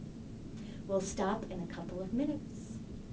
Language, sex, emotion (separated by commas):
English, female, neutral